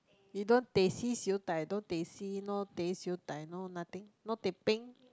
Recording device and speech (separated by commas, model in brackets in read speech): close-talking microphone, conversation in the same room